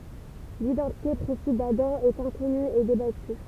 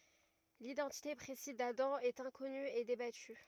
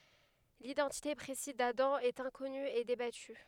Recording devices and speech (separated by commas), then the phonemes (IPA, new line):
temple vibration pickup, rigid in-ear microphone, headset microphone, read sentence
lidɑ̃tite pʁesiz dadɑ̃ ɛt ɛ̃kɔny e debaty